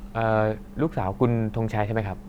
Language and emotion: Thai, neutral